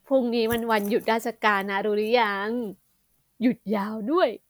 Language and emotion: Thai, happy